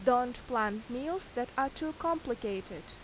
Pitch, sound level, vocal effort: 245 Hz, 86 dB SPL, loud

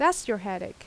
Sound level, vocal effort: 85 dB SPL, loud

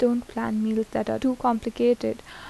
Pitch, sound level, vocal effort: 240 Hz, 79 dB SPL, normal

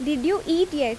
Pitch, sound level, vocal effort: 310 Hz, 86 dB SPL, loud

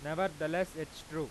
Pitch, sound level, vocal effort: 155 Hz, 97 dB SPL, very loud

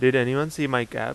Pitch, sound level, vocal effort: 130 Hz, 90 dB SPL, loud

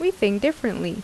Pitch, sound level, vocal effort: 235 Hz, 81 dB SPL, normal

